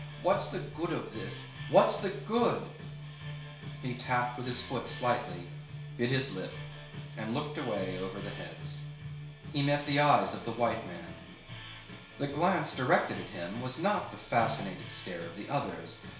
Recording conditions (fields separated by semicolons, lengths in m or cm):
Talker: one person; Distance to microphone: 1.0 m; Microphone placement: close; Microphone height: 1.1 m; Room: small (3.7 m by 2.7 m); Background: music